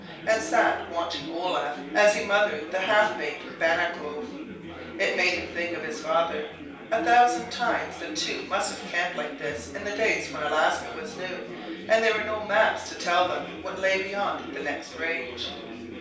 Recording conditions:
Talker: one person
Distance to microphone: 3.0 m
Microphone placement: far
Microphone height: 1.8 m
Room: small (3.7 m by 2.7 m)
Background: babble

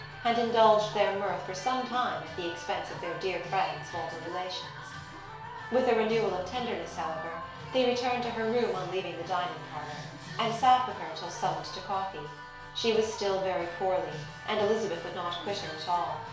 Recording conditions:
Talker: one person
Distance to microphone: 1.0 m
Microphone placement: close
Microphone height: 1.1 m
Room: small (3.7 m by 2.7 m)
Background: music

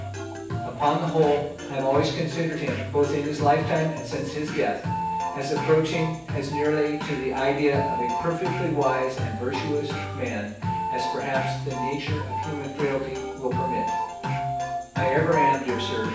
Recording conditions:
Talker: one person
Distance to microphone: 9.8 m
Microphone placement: far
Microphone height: 1.8 m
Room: large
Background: music

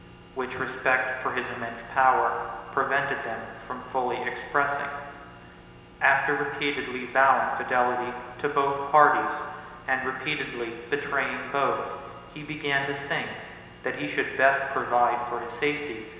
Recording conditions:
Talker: one person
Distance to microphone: 1.7 m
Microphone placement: close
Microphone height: 1.0 m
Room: very reverberant, large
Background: none

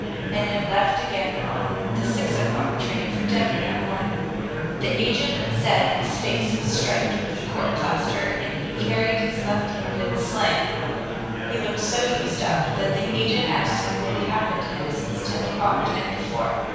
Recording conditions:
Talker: one person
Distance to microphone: 7.1 m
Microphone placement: far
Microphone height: 1.7 m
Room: very reverberant, large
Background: babble

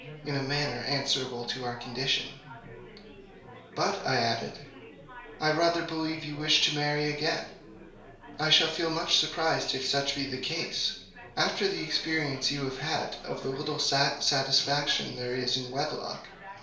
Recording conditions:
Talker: one person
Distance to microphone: 1.0 m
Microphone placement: close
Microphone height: 1.1 m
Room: small (3.7 m by 2.7 m)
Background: babble

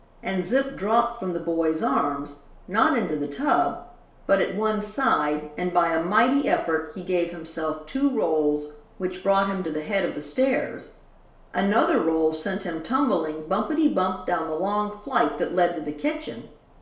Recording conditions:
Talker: one person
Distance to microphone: 1.0 m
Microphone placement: close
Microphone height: 1.1 m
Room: small (3.7 m by 2.7 m)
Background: none

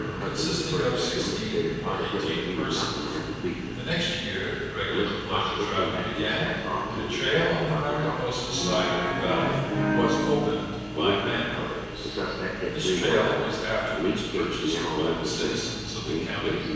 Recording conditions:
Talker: one person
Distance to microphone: 7.1 m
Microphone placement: far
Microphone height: 1.7 m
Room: very reverberant, large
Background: television

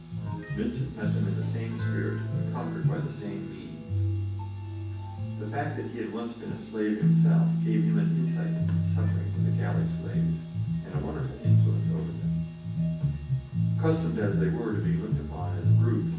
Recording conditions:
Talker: one person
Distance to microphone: 9.8 m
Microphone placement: far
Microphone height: 1.8 m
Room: large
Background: music

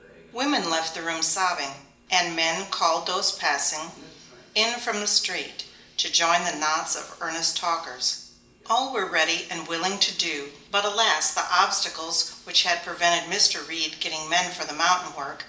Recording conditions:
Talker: one person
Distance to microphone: 1.8 m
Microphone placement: close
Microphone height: 1.0 m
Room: large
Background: television

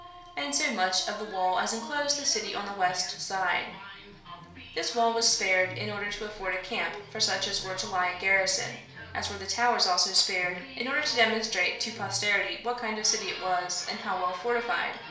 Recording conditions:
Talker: one person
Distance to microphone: 1.0 m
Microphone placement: close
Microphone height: 1.1 m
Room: small (3.7 m by 2.7 m)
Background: television

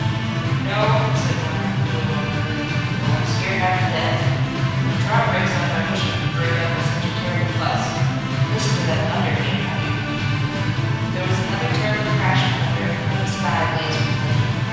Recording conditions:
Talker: one person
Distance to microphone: 7.1 m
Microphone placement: far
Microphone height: 1.7 m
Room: very reverberant, large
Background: music

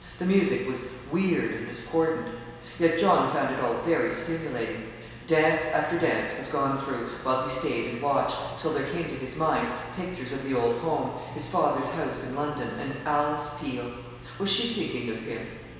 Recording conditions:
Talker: one person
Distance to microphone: 1.7 m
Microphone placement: close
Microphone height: 1.0 m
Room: very reverberant, large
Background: television

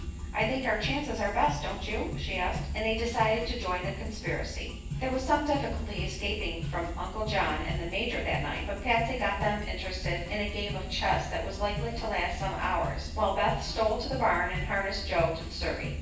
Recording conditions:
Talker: one person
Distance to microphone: 9.8 m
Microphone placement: far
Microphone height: 1.8 m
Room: large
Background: music

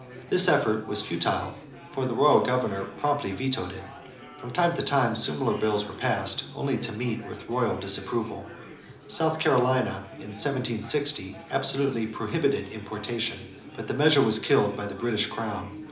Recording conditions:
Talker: one person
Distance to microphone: 2.0 m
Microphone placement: close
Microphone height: 99 cm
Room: medium-sized (5.7 m by 4.0 m)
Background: babble

